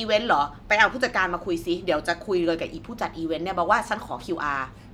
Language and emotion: Thai, angry